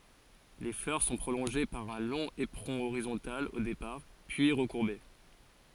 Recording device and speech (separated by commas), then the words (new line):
forehead accelerometer, read sentence
Les fleurs sont prolongées par un long éperon horizontal au départ, puis recourbé.